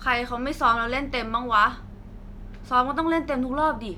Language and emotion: Thai, frustrated